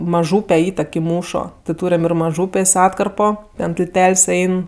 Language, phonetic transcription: Lithuanian, maˈžūpe ˈįtek i ˈmūšo ti ˈtūriam ir maˈžūpės' ˈatkarpo ten tilˈtel's' ˈein

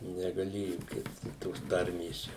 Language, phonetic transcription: Lithuanian, negaˈlėju ˈkist tos ˈtarmės ˈčia

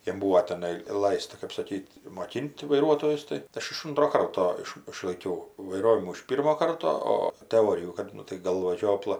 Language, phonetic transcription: Lithuanian, jam ˈbūvo teˈnai ˈlaista kap saˈkyt' moˈkin't' vaiˈruotojus tai ˈaš iš ˈuntro ˈkarto ˈiš išlaiˈkiau vaiˈrovimų iš ˈpyrmo ˈkarto ˈo təˈorijų ˈkad ˈnu tai ˈgalva ˈžiopla

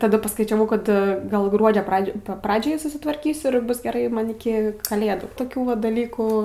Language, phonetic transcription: Lithuanian, taˈda paskaičiaˈvau kad ˈgal ˈgruodžio ˈpradžioj ˈpradžiai susitvarˈkysiu ir ˈbus geˈrai ˈman iˈki kaˈlėdų toˈkių va daˈlykų

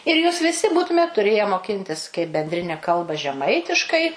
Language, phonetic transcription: Lithuanian, ir ˈjūs viˈsi ˈbūtumėt tuˈrėje moˈkintis kaip bendˈrine ˈkalba žeˈmaitiškai

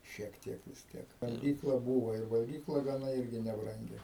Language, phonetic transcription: Lithuanian, šiek ˈtiek vis ˈtiek valˈgykla ˈbūvo ir valˈgykla gaˈna ˈirgi nebˈrangi

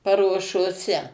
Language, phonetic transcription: Lithuanian, paruošoˈse

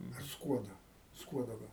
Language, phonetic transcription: Lithuanian, ar ˈskuodo ˈskuodo ˈgal

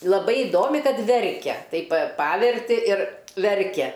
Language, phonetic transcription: Lithuanian, laˈbai iˈdomi ˈkad ˈverkia ˈtaip pa ˈpaverti ir ˈverkia

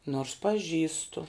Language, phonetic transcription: Lithuanian, nors paˈžįstu

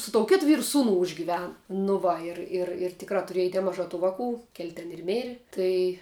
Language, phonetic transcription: Lithuanian, su tou ˈkėt ˈvyru ˈsūnu užgiˈvenu nu ˈva ˈir ir ir ˈtikrā tuˈriej neˈmažā ˈtų ˈvaˌkų kel' ten ir ˈmėri ˈtai

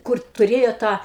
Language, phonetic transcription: Lithuanian, ˈkur tuˈrėjo ˈtą

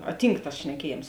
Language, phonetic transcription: Lithuanian, a ˈtynk tas šneˈkieˌjėms

